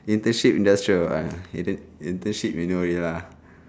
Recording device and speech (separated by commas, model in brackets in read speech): standing microphone, conversation in separate rooms